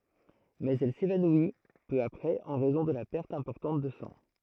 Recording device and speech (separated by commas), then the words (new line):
throat microphone, read sentence
Mais elle s'évanouit peu après en raison de la perte importante de sang.